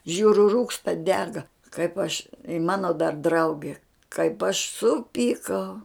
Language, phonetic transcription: Lithuanian, ˈžiūriu ˈrūksta ˈdega kaip aš i ˈmano dar ˈdrauge kaip aš ˈsupykau

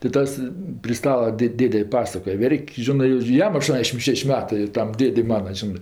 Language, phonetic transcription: Lithuanian, ti ˈtas pri ˈstala ˈdėd' ˈdėde ˈpasakoj ˈverk' ˈžinɜ ir ˈjam aˈštuondešim ˈšeš' ˈmetɜ ˈtam ˈdėdei ˈmana ˈžinɜ

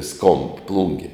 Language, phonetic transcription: Lithuanian, skomb ˈplungi

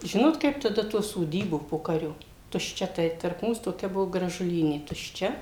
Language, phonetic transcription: Lithuanian, ˈžinot kaip taˈda tų soˈdybų ˈpokario tušˈčia ˈtai tarp ˈmūs toˈkia ˈbuvo gražuˈlynė tušˈčia

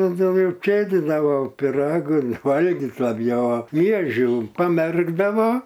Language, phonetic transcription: Lithuanian, dauˈgiau ˈjau ˈčėdidavo piˈragan ˈvalgit laˈbjau a ˈmiežių paˈmerkdavo

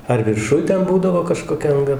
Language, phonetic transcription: Lithuanian, ar virˈšuj ˈten ˈbūdavo kažkoˈkia anˈga

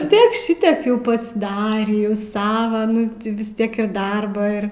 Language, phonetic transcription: Lithuanian, vis ˈtiek ˈšitiek ˈjau pasiˈdarį jau ˈsava ˈnu ti vis ˈtiek ir ˈdarbą ir

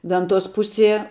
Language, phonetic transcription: Lithuanian, ˈventos ˈpusie

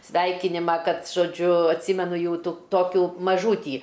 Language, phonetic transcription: Lithuanian, ˈsveikinima ˈkad žoˈdžiu atˈsymenu ˈjau ˈtu ˈtokių maˈžūtį

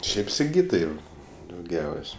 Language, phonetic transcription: Lithuanian, ˈšiaip siˈgytai dauˈgiaus'

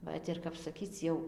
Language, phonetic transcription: Lithuanian, ˈvat ir kap saˈkyc jau

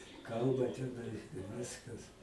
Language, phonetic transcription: Lithuanian, ˈkalba teˈnai ir ˈviskas

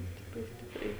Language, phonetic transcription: Lithuanian, ˈstipriai ˈstipriai

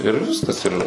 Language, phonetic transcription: Lithuanian, ir ˈviskas ir

